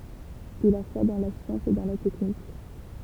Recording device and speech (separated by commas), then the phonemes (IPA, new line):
temple vibration pickup, read sentence
il a fwa dɑ̃ la sjɑ̃s e dɑ̃ la tɛknik